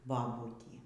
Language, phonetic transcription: Lithuanian, baˈbutį

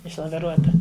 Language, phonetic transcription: Lithuanian, išlaviˈruota

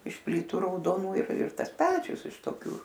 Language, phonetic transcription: Lithuanian, iš ˈplytu raudoˈnų ir ir ˈtas ˈpečius iš toˈkių

